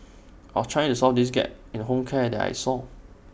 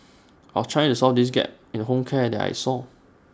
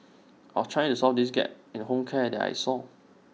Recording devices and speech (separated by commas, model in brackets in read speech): boundary microphone (BM630), standing microphone (AKG C214), mobile phone (iPhone 6), read sentence